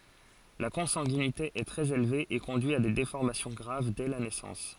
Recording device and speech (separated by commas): forehead accelerometer, read sentence